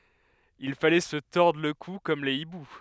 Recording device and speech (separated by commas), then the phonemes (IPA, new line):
headset microphone, read sentence
il falɛ sə tɔʁdʁ lə ku kɔm le ibu